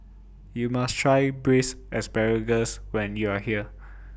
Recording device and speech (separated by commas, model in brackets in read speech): boundary microphone (BM630), read sentence